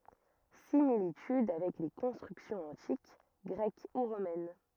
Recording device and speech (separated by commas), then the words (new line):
rigid in-ear microphone, read sentence
Similitudes avec les constructions antiques, grecques ou romaines.